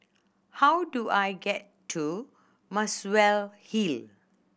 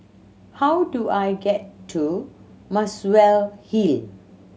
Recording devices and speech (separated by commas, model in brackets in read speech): boundary microphone (BM630), mobile phone (Samsung C7100), read sentence